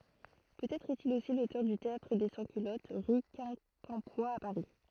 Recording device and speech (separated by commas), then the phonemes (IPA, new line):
throat microphone, read sentence
pøtɛtʁ ɛstil osi lotœʁ dy teatʁ de sɑ̃skylɔt ʁy kɛ̃kɑ̃pwa a paʁi